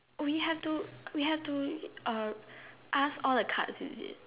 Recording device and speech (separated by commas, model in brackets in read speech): telephone, conversation in separate rooms